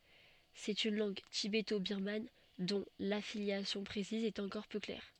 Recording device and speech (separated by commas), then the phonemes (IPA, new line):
soft in-ear microphone, read sentence
sɛt yn lɑ̃ɡ tibetobiʁman dɔ̃ lafiljasjɔ̃ pʁesiz ɛt ɑ̃kɔʁ pø klɛʁ